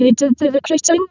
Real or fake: fake